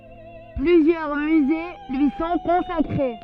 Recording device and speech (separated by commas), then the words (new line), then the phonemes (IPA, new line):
soft in-ear microphone, read sentence
Plusieurs musées lui sont consacrés.
plyzjœʁ myze lyi sɔ̃ kɔ̃sakʁe